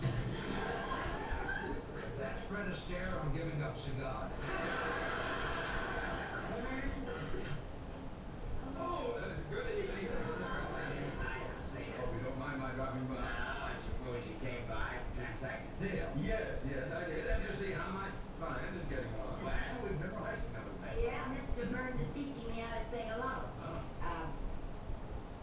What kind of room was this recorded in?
A small space.